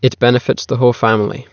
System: none